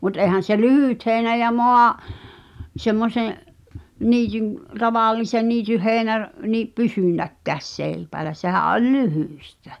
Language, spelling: Finnish, mutta eihän se lyhyt heinä ja - semmoisen niityn tavallisen niityn heinä - niin pysynytkään seipäällä sehän oli lyhyttä
- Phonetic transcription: mut èhän̬ se "lyhỳt 'heeⁱnä ja "moa- , 'semmose’ , niityn , 'tavàl̆lisen "niityh̆ heeinä (r-) , ni "pysynnäkkääs 'sèipäälä sehä’ ’oĺ "lyhỳstᴀ̈ .

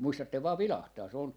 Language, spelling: Finnish, muistatte vain vilahtaa se on
- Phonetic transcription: 'muistattev vaa 'vilahtaa , se on , .

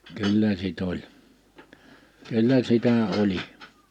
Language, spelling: Finnish, kyllä sitten oli kyllä sitä oli
- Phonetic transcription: 'kyllä 'sit ‿oĺ , 'kyllä 'sitä 'oĺi .

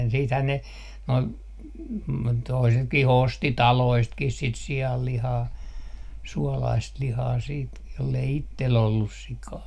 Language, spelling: Finnish, sittenhän ne nuo toisetkin osti taloistakin sitä sianlihaa suolaista lihaa sitten jos ei itsellä ollut sikaa
- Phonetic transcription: siithän ne , noi , toisetki'h ‿osti "taloistkih 'sit 'si₍allihaa , 'suɔlaist 'lihaa siit , jollei 'ittel 'ollus 'sikaa .

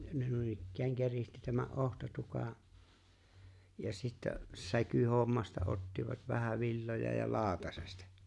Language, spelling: Finnish, ne noin keritsi tämän otsatukan ja sitten säkyhommasta ottivat vähä villoja ja lautasesta
- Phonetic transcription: ne 'nuinikkääŋ 'kerihti tämä’ '’ohtatuka , ja sittä , 'säkyhommasta ottivat vähä 'villoja ja "laaᵒtasesta .

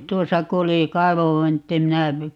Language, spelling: Finnish, tuossa kun oli kaivonvintti minä
- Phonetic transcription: 'tuosa ku oli , "kaivovvintti 'minä , .

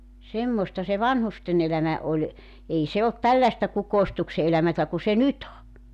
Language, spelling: Finnish, semmoista se vanhusten elämä oli ei se ollut tällaista kukoistuksen elämää kuin se nyt on
- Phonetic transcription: 'semmosta se "vanhusten ‿elämä , oĺ , 'ei se olt "tälläᵉstä 'kukoistukse elämätä ku se "nyt ‿o .

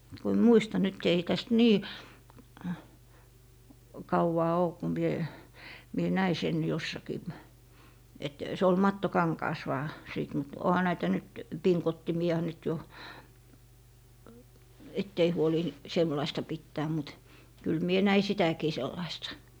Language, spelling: Finnish, kun en muista nyt ei tästä niin kauaa ole kun minä minä näin sen jossakin että se oli mattokankaassa vain sitten mutta onhan näitä nyt pingottimia nyt jo että ei huoli sellaista pitää mutta kyllä minä näin sitäkin sellaista
- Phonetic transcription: ku emm "muista nyt ei täst 'nii , 'kauwaa oo 'ku mie , mie 'näi sen 'jossakii , et , 'se ol 'mattokaŋkaas 'vaa , 'sìt mut 'oha näitä nyt , "piŋkottimi₍a nyt jo , 'ett ‿ei huoli , 'semlaista 'pittää mut , kyl 'mie "näi 'sitäkii 'sellaista .

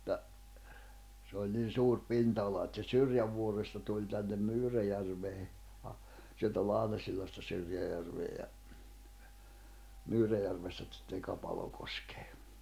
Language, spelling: Finnish, mutta se oli niin suuri pinta-ala että se Syrjävuoresta tuli tänne Myyräjärveen - sieltä Lahnasillasta Syrjäjärveen ja Myyräjärvestä sitten Kapalokoskeen
- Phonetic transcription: [mut]ta , se oĺ niin̬ 'suur 'pinta₍ala et se 'Syrjävuoresta tuĺ tännem 'Myyräjärvee , a- , sieltä 'Lahnasillasta Syrjäjärvee ja , 'Myyräjärvestä ᵗsitten 'Kapalokoskᴇᴇ .

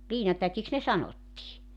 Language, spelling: Finnish, liinatäkiksi ne sanottiin
- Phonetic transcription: 'liinatäkiks ne 'sanottii .

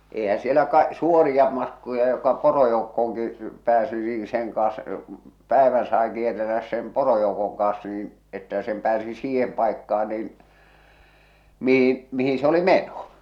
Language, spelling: Finnish, eihän siellä - suoria matkoja joka porojoukkoonkin pääsi niin sen kanssa päivän sai kierrellä sen porojoukon kanssa niin että sen pääsi siihen paikkaan niin mihin mihin se oli meno
- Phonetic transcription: 'ehä sielä ka- , 'suorija matkoja joka 'porojoukkooŋki , 'pääsi , nii 'seŋ kaaa̰s , 'pä̀evän sae kier̆relläs sem "porojoukoŋ kaaa̰s niin , että sem pääsi 'siihem pàekka₍a niin , 'mihin , 'mihiḭ se oli "meno .

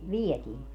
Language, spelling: Finnish, vietiin
- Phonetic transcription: "vietiin .

